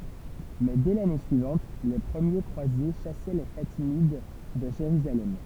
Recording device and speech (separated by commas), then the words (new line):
temple vibration pickup, read sentence
Mais dès l'année suivante, les premiers croisés chassaient les Fatimides de Jérusalem.